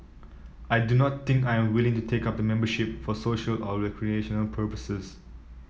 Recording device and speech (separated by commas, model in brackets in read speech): mobile phone (iPhone 7), read sentence